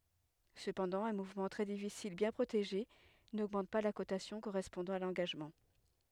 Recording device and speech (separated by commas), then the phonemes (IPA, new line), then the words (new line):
headset microphone, read sentence
səpɑ̃dɑ̃ œ̃ muvmɑ̃ tʁɛ difisil bjɛ̃ pʁoteʒe noɡmɑ̃t pa la kotasjɔ̃ koʁɛspɔ̃dɑ̃ a lɑ̃ɡaʒmɑ̃
Cependant, un mouvement très difficile bien protégé n'augmente pas la cotation correspondant à l'engagement.